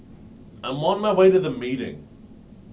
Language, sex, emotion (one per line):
English
male
neutral